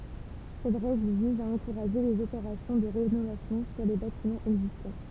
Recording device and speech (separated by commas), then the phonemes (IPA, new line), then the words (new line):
temple vibration pickup, read sentence
sɛt ʁɛɡl viz a ɑ̃kuʁaʒe lez opeʁasjɔ̃ də ʁenovasjɔ̃ syʁ le batimɑ̃z ɛɡzistɑ̃
Cette règle vise à encourager les opérations de rénovation sur les bâtiments existants.